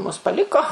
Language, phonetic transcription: Lithuanian, mus paˈliko

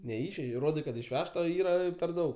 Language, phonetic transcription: Lithuanian, neˈišvežei ˈrodai kad išˈvežta ˈyra per ˈdaug

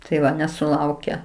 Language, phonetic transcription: Lithuanian, tai ˈva nesuˈlauke

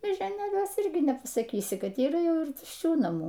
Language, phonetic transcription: Lithuanian, mėžioˈnėliuose ˈirgi nepasaˈkysi ˈkad yˈra ˈjau ir tušˈčių naˈmų

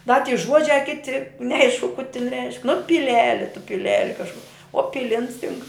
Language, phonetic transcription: Lithuanian, da ty ˈžuodžia ˈkiti neˈaišku ku tin reišk nu piˈleli tu piˈleli kažˈku o ˈpilins tink

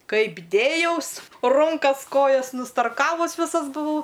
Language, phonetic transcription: Lithuanian, ˈkaip ˈdėjaus ˈrunkas ˈkojas nustarˈkavus ˈvisas buˈvau

